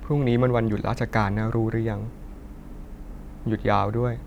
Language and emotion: Thai, sad